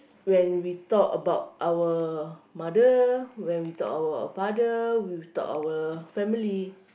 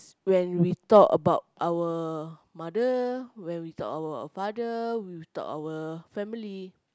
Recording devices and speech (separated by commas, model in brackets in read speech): boundary microphone, close-talking microphone, conversation in the same room